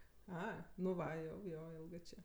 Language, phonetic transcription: Lithuanian, ˈa nu ˈva jau ˈjo ˈilgɜ ˈčė

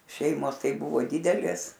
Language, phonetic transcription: Lithuanian, ˈšeimos ˈtai ˈbuvo ˈdidelės

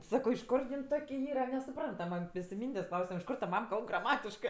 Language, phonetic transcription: Lithuanian, ˈsako iš ˈkur jin ˈtok' ˈyra nesuˈprantamɜ ˈmes i ˈmyndės' ˈklausiam iš ˈkor ta ˈmam ˈkalb graˈmatiškɜ

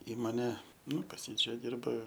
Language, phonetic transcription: Lithuanian, ˈįmone ˈnu pas ˈjį ˈčia ˈdirba

